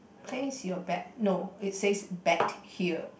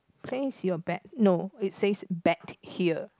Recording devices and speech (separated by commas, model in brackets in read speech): boundary microphone, close-talking microphone, conversation in the same room